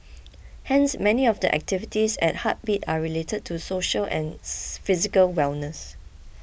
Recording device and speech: boundary microphone (BM630), read sentence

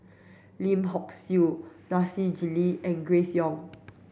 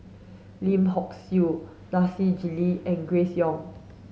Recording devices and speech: boundary microphone (BM630), mobile phone (Samsung S8), read sentence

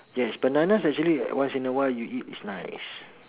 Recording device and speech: telephone, conversation in separate rooms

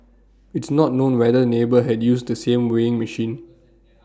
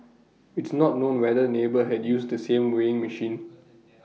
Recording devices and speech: standing microphone (AKG C214), mobile phone (iPhone 6), read sentence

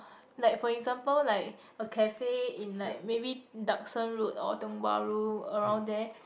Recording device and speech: boundary microphone, conversation in the same room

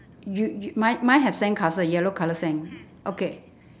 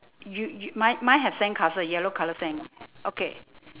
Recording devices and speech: standing microphone, telephone, conversation in separate rooms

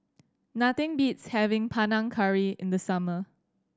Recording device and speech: standing microphone (AKG C214), read sentence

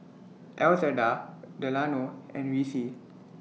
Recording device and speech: mobile phone (iPhone 6), read sentence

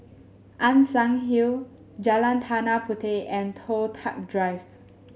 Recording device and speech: mobile phone (Samsung S8), read sentence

